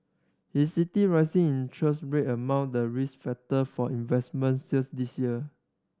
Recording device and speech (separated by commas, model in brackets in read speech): standing microphone (AKG C214), read sentence